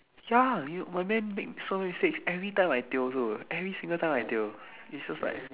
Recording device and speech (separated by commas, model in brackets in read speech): telephone, conversation in separate rooms